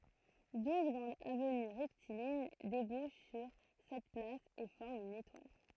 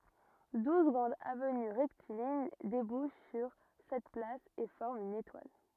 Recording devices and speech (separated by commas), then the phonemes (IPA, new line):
throat microphone, rigid in-ear microphone, read sentence
duz ɡʁɑ̃dz avəny ʁɛktiliɲ debuʃ syʁ sɛt plas e fɔʁmt yn etwal